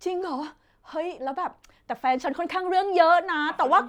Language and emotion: Thai, happy